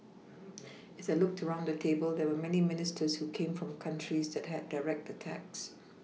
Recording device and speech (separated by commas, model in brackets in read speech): mobile phone (iPhone 6), read sentence